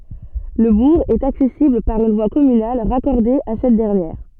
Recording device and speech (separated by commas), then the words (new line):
soft in-ear microphone, read sentence
Le bourg est accessible par une voie communale raccordée à cette dernière.